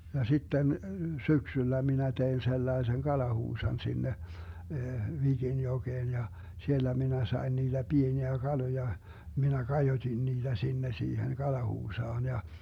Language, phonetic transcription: Finnish, ja 'sitten , "syksyllä 'minä 'tein 'sellaesen 'kalahuusan sinne , 'Vigin'joGeen ja , 'siellä 'minä sai̮n niiDä 'Bieniä 'Galoja , 'minä 'kajotin niiDä 'sinne siihen 'kalahuusaan ja ,.
- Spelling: ja sitten syksyllä minä tein sellaisen kalahuusan sinne Viginjokeen ja siellä minä sain niitä pieniä kaloja minä kajotin niitä sinne siihen kalahuusaan ja

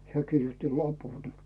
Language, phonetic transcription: Finnish, se kirjotti 'lapun .
- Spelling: se kirjoitti lapun

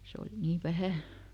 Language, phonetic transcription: Finnish, ˈse oli nii ˈvähä̀ .
- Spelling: se oli niin vähän

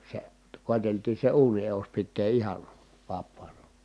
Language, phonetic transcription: Finnish, se , kòeteltii se uuni eus pittee ihan̬ , vappaana .
- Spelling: se koeteltiin se uunin edus pitää ihan vapaana

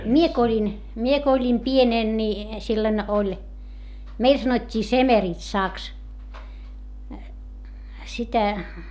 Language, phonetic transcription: Finnish, mie ko oĺin , mie ko oĺim pienèn ni , sillon oĺ , meil sanot́t́ii semeritsàks , sitä .
- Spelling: minä kun olin minä kun olin pienenä niin silloin oli meillä sanottiin semeritsaksi sitä

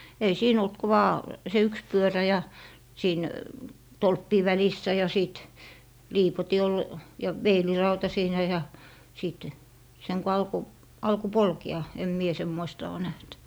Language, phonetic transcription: Finnish, ei 'siin ‿olt ku 'vaa , se "yks 'pyörä ja , siin , "tolppii 'välissä ja 'sìt , "liipoti ol , ja "veilirauta siinä ja , 'sìt , seŋ ko 'alko , 'alko "polke₍a , em mie 'semmoista oo näht .
- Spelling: ei siinä ollut kuin vain se yksi pyörä ja siinä tolppien välissä ja sitten liipotin oli ja veilirauta siinä ja sitten sen kun alkoi alkoi polkea en minä semmoista ole nähnyt

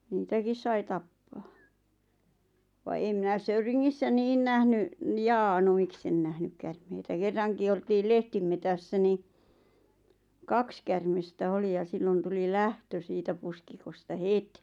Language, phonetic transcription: Finnish, niitäkis 'sai tappaa , va em 'minä "Söyriŋŋissä 'niin nähny , njaa no "miksen nähnyk kärmeitä 'kerraŋki oltiil 'leh-timetässä ni , "kaks kärmestä 'oli ja 'sillon tuli "lähtö 'siitä puskikosta "het .
- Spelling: niitäkin sai tappaa vaan en minä Söyringissä niin nähnyt jaa no miksi en nähnyt käärmeitä kerrankin oltiin lehtimetsässä niin kaksi käärmettä oli ja silloin tuli lähtö siitä pusikosta heti

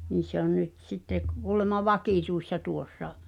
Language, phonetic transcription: Finnish, ni se ‿on 'nyt sitte k- kuulema "vakìtuissa 'tuossa .
- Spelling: niin se on nyt sitten - kuulemma vakituisena tuossa

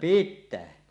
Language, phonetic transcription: Finnish, pittää .
- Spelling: pitää

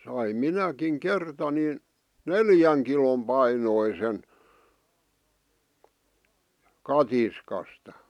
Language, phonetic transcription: Finnish, saim 'minäkiŋ 'kerta nin , "neljäŋ kilom 'painoisen , 'katiskastᴀ .
- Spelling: sain minäkin kerta niin neljän kilon painoisen katiskasta

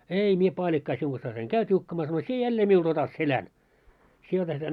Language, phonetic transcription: Finnish, » "ei 'mie paaĺikkaa siuŋ ɢassais eŋ "käy 't́iukkamaa « sano » 'sie 'jällee miulᴅ ‿otat "selän , sie otat seˡᵃ̈ⁿ « .
- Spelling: ei minä paalikkaa sinun kanssasi en käy tiukkamaan sanoin sinä jälleen minulle otat selän sinä otat selän

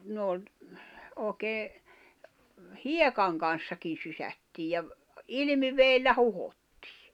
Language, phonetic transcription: Finnish, 'nòi̬n , 'ooᵉkee , "hiekaŋ kan̬ssakin̬ 'sysättiij ja ‿v- , "ilⁱmiveellä 'huhottɪɪ .
- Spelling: noin oikein hiekan kanssakin sysättiin ja - ilmivedellä huuhdottiin

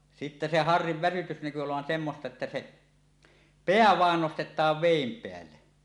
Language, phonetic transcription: Finnish, 'sittä se "harriv 'väsytys näky olovan 'semmosta että se , peä "vàen "nostet̀aav 'vèim 'peälle .
- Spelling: sitten se harrin väsytys näkyi olevan semmoista että se pää vain nostetaan veden päälle

